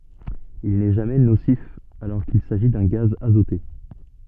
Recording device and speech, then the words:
soft in-ear microphone, read sentence
Il n'est jamais nocif, alors qu'il s'agit d'un gaz azoté.

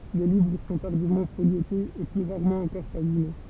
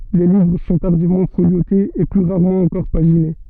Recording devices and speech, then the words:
temple vibration pickup, soft in-ear microphone, read sentence
Les livres sont tardivement foliotés, et plus rarement encore paginés.

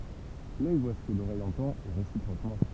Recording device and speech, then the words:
temple vibration pickup, read sentence
L'œil voit ce que l'oreille entend et réciproquement.

